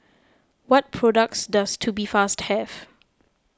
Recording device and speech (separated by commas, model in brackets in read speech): close-talking microphone (WH20), read sentence